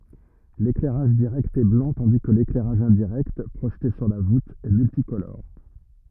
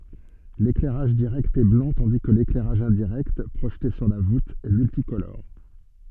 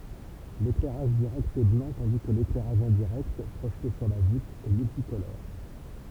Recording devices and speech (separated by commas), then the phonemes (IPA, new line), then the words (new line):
rigid in-ear microphone, soft in-ear microphone, temple vibration pickup, read sentence
leklɛʁaʒ diʁɛkt ɛ blɑ̃ tɑ̃di kə leklɛʁaʒ ɛ̃diʁɛkt pʁoʒte syʁ la vut ɛ myltikolɔʁ
L'éclairage direct est blanc tandis que l'éclairage indirect, projeté sur la voûte, est multicolore.